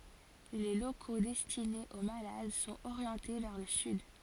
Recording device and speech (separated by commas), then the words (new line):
forehead accelerometer, read sentence
Les locaux destinés aux malades sont orientés vers le sud.